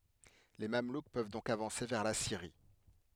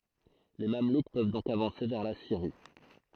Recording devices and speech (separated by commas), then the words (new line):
headset microphone, throat microphone, read sentence
Les Mamelouks peuvent donc avancer vers la Syrie.